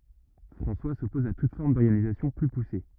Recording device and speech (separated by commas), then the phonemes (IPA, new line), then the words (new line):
rigid in-ear microphone, read sentence
fʁɑ̃swa sɔpɔz a tut fɔʁm dɔʁɡanizasjɔ̃ ply puse
François s'oppose à toute forme d'organisation plus poussée.